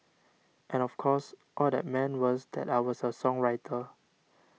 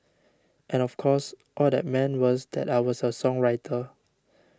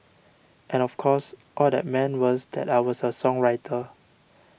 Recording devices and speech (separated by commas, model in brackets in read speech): mobile phone (iPhone 6), standing microphone (AKG C214), boundary microphone (BM630), read sentence